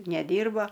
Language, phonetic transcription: Lithuanian, neˈdyrba

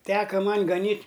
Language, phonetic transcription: Lithuanian, ˈteka ˈman' gaˈnyt'

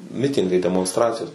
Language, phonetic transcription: Lithuanian, ˈmitingai demonsˈtracijos

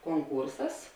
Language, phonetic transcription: Lithuanian, konˈkūrsas

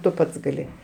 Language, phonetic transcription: Lithuanian, tu ˈpats gaˈli

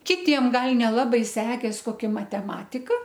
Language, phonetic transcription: Lithuanian, kiˈtiem ˈgal neˈlabai ˈsekės koˈkia mateˈmatika

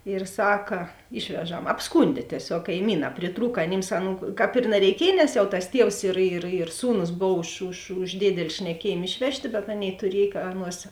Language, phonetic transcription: Lithuanian, ir ˈsaka ˈišveˌžam apsˈkundė tieˈsiog kaiˈmynā priˈtrūk aˈnims ˈaˌnų ˈkāp ir nareiˈkiej nes jau tas ˈtievs ir ir ir ˈsūnus ˈbov už už už ˈdėdeli šneˈkiejėm ˈišvežˌtė bet ˈaˌnėi tuˈriej ka ˈaˌnuos

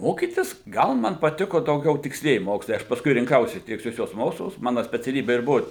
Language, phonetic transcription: Lithuanian, ˈmokytis ˈgal ˈman paˈtiko dauˈgiau tiksˈlieji ˈmokslai ˈaš pasˈkui rinˈkausi tiksˈliuosius ˈmokslus ˈmana speciaˈlybe ir ˈbuvu

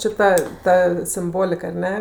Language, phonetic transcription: Lithuanian, ˈčė ˈta ˈta simˈbolik ar ˈne

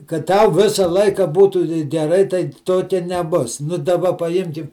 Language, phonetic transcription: Lithuanian, kad ˈtau ˈvisa ˈlaika ˈbūtų geˈrai tai ˈtokia neˈbus nu daˈba paˈjimkim

